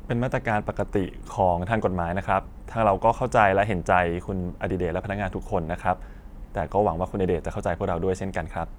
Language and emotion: Thai, neutral